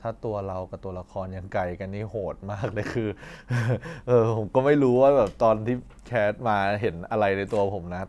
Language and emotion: Thai, happy